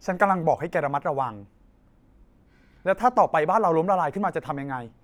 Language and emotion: Thai, frustrated